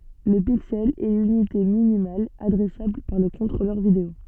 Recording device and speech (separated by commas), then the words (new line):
soft in-ear microphone, read sentence
Le pixel est l'unité minimale adressable par le contrôleur vidéo.